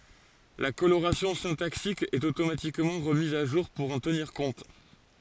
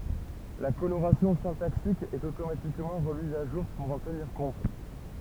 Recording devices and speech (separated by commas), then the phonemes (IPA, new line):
forehead accelerometer, temple vibration pickup, read sentence
la koloʁasjɔ̃ sɛ̃taksik ɛt otomatikmɑ̃ ʁəmiz a ʒuʁ puʁ ɑ̃ təniʁ kɔ̃t